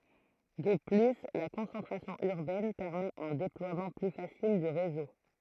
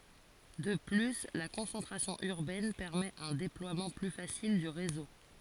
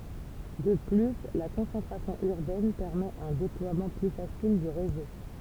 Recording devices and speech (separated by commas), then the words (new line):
throat microphone, forehead accelerometer, temple vibration pickup, read sentence
De plus, la concentration urbaine permet un déploiement plus facile du réseau.